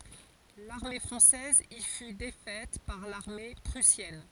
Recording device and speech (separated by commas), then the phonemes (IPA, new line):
forehead accelerometer, read sentence
laʁme fʁɑ̃sɛz i fy defɛt paʁ laʁme pʁysjɛn